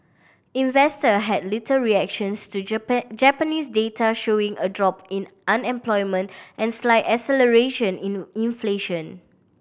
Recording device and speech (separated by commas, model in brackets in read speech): boundary microphone (BM630), read sentence